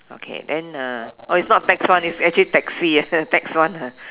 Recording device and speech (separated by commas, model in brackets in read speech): telephone, conversation in separate rooms